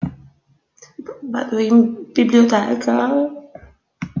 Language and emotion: Italian, fearful